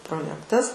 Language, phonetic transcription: Lithuanian, proˈjektas

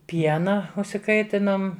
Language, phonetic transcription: Lithuanian, ˈpiena užsiˈkaitinom

